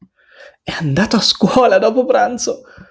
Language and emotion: Italian, happy